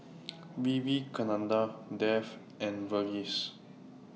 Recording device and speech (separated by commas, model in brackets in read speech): mobile phone (iPhone 6), read sentence